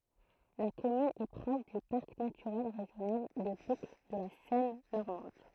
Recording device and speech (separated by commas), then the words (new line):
throat microphone, read sentence
La commune est proche du parc naturel régional des Boucles de la Seine normande.